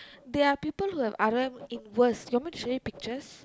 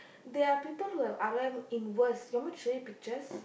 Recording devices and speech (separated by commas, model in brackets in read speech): close-talking microphone, boundary microphone, conversation in the same room